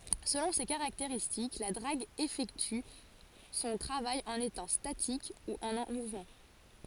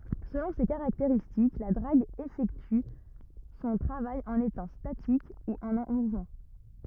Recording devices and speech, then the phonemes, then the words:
forehead accelerometer, rigid in-ear microphone, read sentence
səlɔ̃ se kaʁakteʁistik la dʁaɡ efɛkty sɔ̃ tʁavaj ɑ̃n etɑ̃ statik u ɑ̃ muvmɑ̃
Selon ses caractéristiques, la drague effectue son travail en étant statique ou en mouvement.

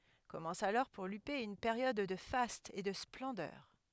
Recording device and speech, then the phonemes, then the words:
headset microphone, read sentence
kɔmɑ̃s alɔʁ puʁ lype yn peʁjɔd də fastz e də splɑ̃dœʁ
Commence alors pour Lupé une période de fastes et de splendeur.

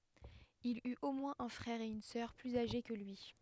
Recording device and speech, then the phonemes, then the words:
headset microphone, read sentence
il yt o mwɛ̃z œ̃ fʁɛʁ e yn sœʁ plyz aʒe kə lyi
Il eut au moins un frère et une sœur plus âgés que lui.

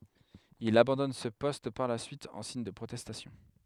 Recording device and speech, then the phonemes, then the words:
headset microphone, read sentence
il abɑ̃dɔn sə pɔst paʁ la syit ɑ̃ siɲ də pʁotɛstasjɔ̃
Il abandonne ce poste par la suite en signe de protestation.

